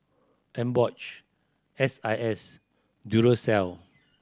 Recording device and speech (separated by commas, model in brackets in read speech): standing microphone (AKG C214), read sentence